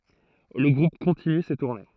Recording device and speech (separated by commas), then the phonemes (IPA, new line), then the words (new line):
throat microphone, read sentence
lə ɡʁup kɔ̃tiny se tuʁne
Le groupe continue ses tournées.